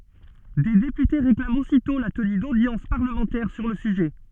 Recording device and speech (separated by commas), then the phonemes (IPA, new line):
soft in-ear microphone, read sentence
de depyte ʁeklamt ositɔ̃ la təny dodjɑ̃s paʁləmɑ̃tɛʁ syʁ lə syʒɛ